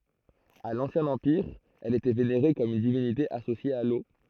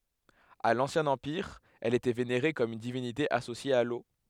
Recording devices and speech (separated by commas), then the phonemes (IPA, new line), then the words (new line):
throat microphone, headset microphone, read sentence
a lɑ̃sjɛ̃ ɑ̃piʁ ɛl etɛ veneʁe kɔm yn divinite asosje a lo
À l'Ancien Empire, elle était vénérée comme une divinité associée à l'eau.